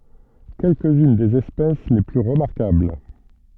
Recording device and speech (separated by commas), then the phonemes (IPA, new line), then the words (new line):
soft in-ear microphone, read sentence
kɛlkəz yn dez ɛspɛs le ply ʁəmaʁkabl
Quelques-unes des espèces les plus remarquables.